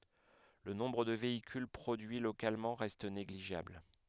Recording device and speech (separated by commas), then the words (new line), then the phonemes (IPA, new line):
headset microphone, read sentence
Le nombre de véhicules produits localement reste négligeable.
lə nɔ̃bʁ də veikyl pʁodyi lokalmɑ̃ ʁɛst neɡliʒabl